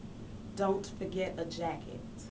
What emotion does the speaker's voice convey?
neutral